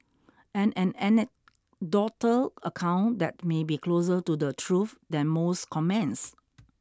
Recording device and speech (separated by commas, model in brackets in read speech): standing microphone (AKG C214), read sentence